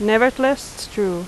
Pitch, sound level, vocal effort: 220 Hz, 85 dB SPL, loud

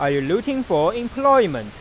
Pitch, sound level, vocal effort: 240 Hz, 97 dB SPL, normal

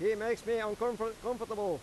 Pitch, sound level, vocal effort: 230 Hz, 99 dB SPL, very loud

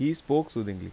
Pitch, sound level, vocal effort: 140 Hz, 85 dB SPL, normal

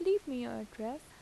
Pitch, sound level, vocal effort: 255 Hz, 83 dB SPL, normal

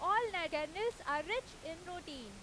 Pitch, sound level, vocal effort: 340 Hz, 97 dB SPL, very loud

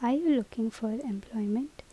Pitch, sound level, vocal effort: 225 Hz, 75 dB SPL, soft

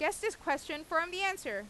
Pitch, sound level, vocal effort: 325 Hz, 94 dB SPL, loud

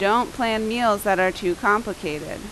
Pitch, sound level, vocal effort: 205 Hz, 88 dB SPL, very loud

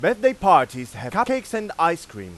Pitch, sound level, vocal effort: 170 Hz, 101 dB SPL, very loud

